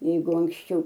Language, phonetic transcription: Lithuanian, ˈjeigu anksˈčiau

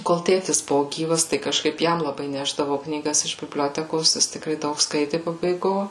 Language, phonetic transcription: Lithuanian, kol ˈtėtis ˈbuvo ˈgyvas tai kažˈkaip ˈjam laˈbai ˈnešdavau knyˈgas iš bibˈliotekos ˈjis tikˈrai ˈdaug ˈskaiti pabaiˈgo

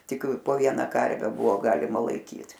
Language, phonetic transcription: Lithuanian, ˈtik po ˈviena ˈkarve ˈbuvo ˈgalima laiˈkyt

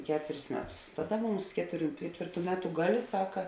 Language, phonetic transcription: Lithuanian, ˈketuris ˈmeˌtus ˈtaˌda ˈmums ˈketuˌrių ˈketvėrˌtų ˈmeˌtu ˈgaˌlė ˈsaka

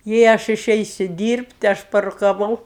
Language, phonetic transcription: Lithuanian, jei ˈaš iˈšeisiu ˈdyrbt' ˈaš parukaˈvau

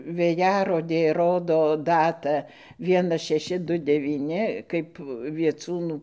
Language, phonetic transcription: Lithuanian, vėˈjarodė ˈrodo ˈdatą ˈvienas šeˈši ˈdu devyˈni ˈkaip vieˈcūnų

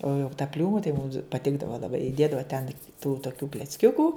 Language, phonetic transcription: Lithuanian, o jau ta ˈpliūmu tai mums paˈtikdava laˈbai iˈdėdava ten tų toˈkių klecˈkiukų

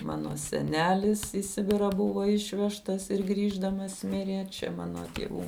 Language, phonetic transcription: Lithuanian, ˈmano seˈnelis į ˈsibirą ˈbuvo ˈišvežtas ir ˈgrįždamas ˈmirė ˈčia ˈmano tieˈvų

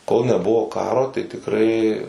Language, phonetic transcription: Lithuanian, kol neˈbuvo ˈkaro tai tikˈrai

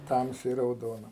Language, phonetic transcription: Lithuanian, ˈtamsiai rauˈdona

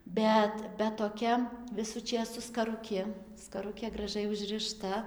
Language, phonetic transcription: Lithuanian, ˈbet bet toˈkia ˈvisų ˈčės su skaruˈki skaˈrukė graˈžai užˈrɨšta

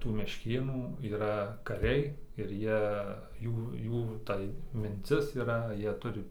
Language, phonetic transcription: Lithuanian, tų mešˈkėnų yˈra kaˈriai ir ˈjie ˈjų ˈjų tai minˈcis yˈra ˈjie ˈturi

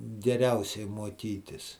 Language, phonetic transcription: Lithuanian, geˈriausiai muoˈkytis

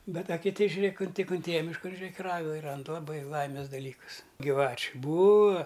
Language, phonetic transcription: Lithuanian, ˈbet a kiˈti žiuˈrėk un ˈtik unˈtėja mišˈkan žiuˈrėk i ˈragai ˈrand laˈbai ˈlaimės daˈlykus gyˈvačiu ˈbūa

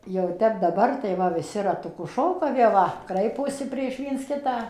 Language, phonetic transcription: Lithuanian, jau ˈtep daˈbar tai ˈva viˈsi ratuˈku ˈšoka vė ˈva ˈkraiposi prieš ˈviens ˈkitą

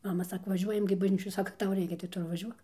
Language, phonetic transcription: Lithuanian, ˈmama ˈsako vaˈžiuojam gi bažˈnyčioj ˈsaka ˈtau ˈreikia tai ˈtu ir vaˈžiuok

